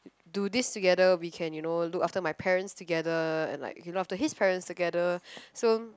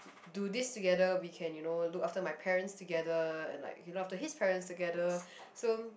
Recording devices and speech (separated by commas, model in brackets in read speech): close-talking microphone, boundary microphone, conversation in the same room